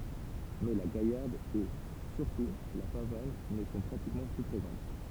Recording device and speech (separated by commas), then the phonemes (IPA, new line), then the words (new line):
temple vibration pickup, read sentence
mɛ la ɡajaʁd e syʁtu la pavan nə sɔ̃ pʁatikmɑ̃ ply pʁezɑ̃t
Mais la gaillarde et, surtout, la pavane ne sont pratiquement plus présentes.